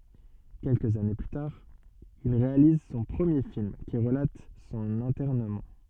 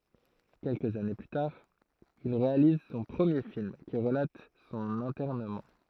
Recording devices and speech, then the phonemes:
soft in-ear microphone, throat microphone, read sentence
kɛlkəz ane ply taʁ il ʁealiz sɔ̃ pʁəmje film ki ʁəlat sɔ̃n ɛ̃tɛʁnəmɑ̃

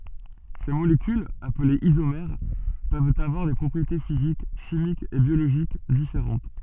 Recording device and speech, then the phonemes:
soft in-ear microphone, read sentence
se molekylz aplez izomɛʁ pøvt avwaʁ de pʁɔpʁiete fizik ʃimikz e bjoloʒik difeʁɑ̃t

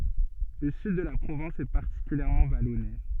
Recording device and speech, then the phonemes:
soft in-ear microphone, read sentence
lə syd də la pʁovɛ̃s ɛ paʁtikyljɛʁmɑ̃ valɔne

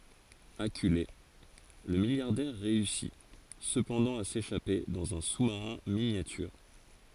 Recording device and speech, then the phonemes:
forehead accelerometer, read sentence
akyle lə miljaʁdɛʁ ʁeysi səpɑ̃dɑ̃ a seʃape dɑ̃z œ̃ su maʁɛ̃ minjatyʁ

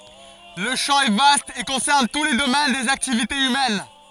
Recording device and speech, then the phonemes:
forehead accelerometer, read sentence
lə ʃɑ̃ ɛ vast e kɔ̃sɛʁn tu le domɛn dez aktivitez ymɛn

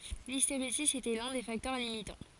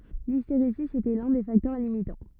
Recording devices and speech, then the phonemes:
forehead accelerometer, rigid in-ear microphone, read sentence
listeʁezi etɛ lœ̃ de faktœʁ limitɑ̃

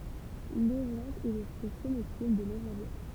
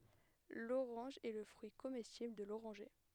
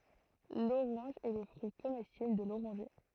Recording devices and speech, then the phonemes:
temple vibration pickup, headset microphone, throat microphone, read sentence
loʁɑ̃ʒ ɛ lə fʁyi komɛstibl də loʁɑ̃ʒe

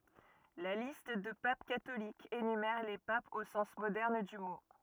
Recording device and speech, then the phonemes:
rigid in-ear microphone, read sentence
la list də pap katolikz enymɛʁ le papz o sɑ̃s modɛʁn dy mo

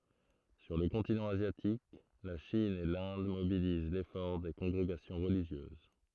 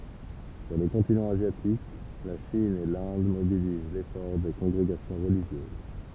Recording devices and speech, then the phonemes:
throat microphone, temple vibration pickup, read sentence
syʁ lə kɔ̃tinɑ̃ azjatik la ʃin e lɛ̃d mobiliz lefɔʁ de kɔ̃ɡʁeɡasjɔ̃ ʁəliʒjøz

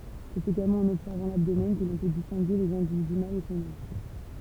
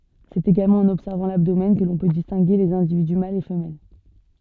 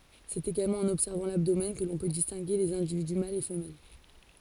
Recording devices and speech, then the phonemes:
temple vibration pickup, soft in-ear microphone, forehead accelerometer, read sentence
sɛt eɡalmɑ̃ ɑ̃n ɔbsɛʁvɑ̃ labdomɛn kə lɔ̃ pø distɛ̃ɡe lez ɛ̃dividy malz e fəmɛl

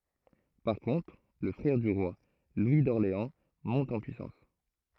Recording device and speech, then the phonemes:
throat microphone, read sentence
paʁ kɔ̃tʁ lə fʁɛʁ dy ʁwa lwi dɔʁleɑ̃ mɔ̃t ɑ̃ pyisɑ̃s

